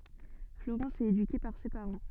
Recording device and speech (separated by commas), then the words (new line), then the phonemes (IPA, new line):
soft in-ear microphone, read sentence
Florence est éduquée par ses parents.
floʁɑ̃s ɛt edyke paʁ se paʁɑ̃